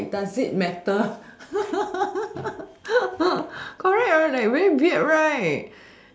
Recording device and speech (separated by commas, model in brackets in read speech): standing microphone, conversation in separate rooms